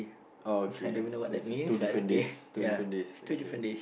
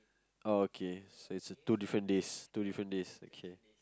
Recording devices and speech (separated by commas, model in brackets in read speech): boundary microphone, close-talking microphone, conversation in the same room